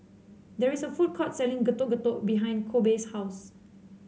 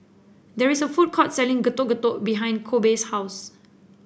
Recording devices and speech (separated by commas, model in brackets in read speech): mobile phone (Samsung C7), boundary microphone (BM630), read sentence